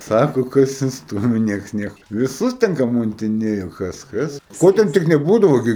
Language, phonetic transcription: Lithuanian, ˈsako kas insˈtūmi ˈnieks ˈnieku viˈsus ten kamuntiˈnėjo ˈkas ˈkas ˈko ten tik neˈbūdavo ˈgi

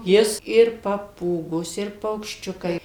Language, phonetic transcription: Lithuanian, ˈjis ir paˈpūgos ir paukšˈčiukai

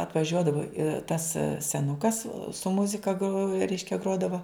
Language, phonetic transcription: Lithuanian, atvaˈžiuodavo ir tas seˈnukas su ˈmuzika gro ˈreiškia ˈgrodavo

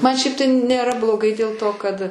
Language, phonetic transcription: Lithuanian, ˈman ˈšiaip tai nėˈra bloˈgai dėl ˈto kad

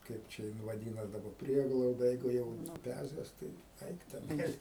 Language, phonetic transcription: Lithuanian, ˈkaip čia jin vaˈdynas daˈba ˈprieglauda jeigu ˈjau nuˈpæzes tai ˈaik teˈnais

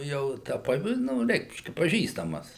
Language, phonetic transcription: Lithuanian, jau ˈta ˈpa ˈnū ˈreikškia paˈžįstamas

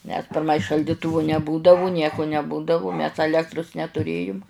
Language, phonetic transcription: Lithuanian, nes pirˈmai šalˈdituvu neˈbūdavu ˈnieku neˈbūdavu ˈmes aˈlektrus netuˈrėjum

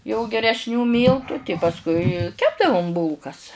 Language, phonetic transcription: Lithuanian, jau geresˈnių ˈmyltu pasˈkui ˈkepdavum ˈbūlkas

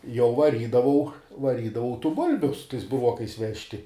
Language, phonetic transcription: Lithuanian, jau vaˈrydavau vaˈrydavau tų ˈbulbiu su tais buˈruokais ˈvežti

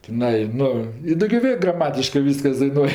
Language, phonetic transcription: Lithuanian, tiˈnai ˈnu i ˈdogio ˈvė graˈmatiškɜ ˈvyskas daiˈnuoj

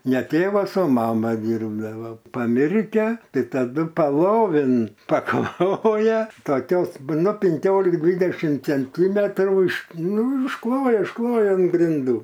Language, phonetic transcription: Lithuanian, ne ˈtėvas o ˈmama ˈdyrbdavo paˈmirkia ˈtai taˈdu paˈlovin paˈkloja toˈkios ˈnu pinˈkiolik ˈdvidešim cenˈtymetrų iš ˈnu išˈkloja išˈkloja an grinˈdų

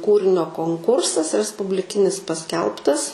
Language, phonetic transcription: Lithuanian, ˈkūrinio konˈkursas respubliˈkinis paˈskelbtas

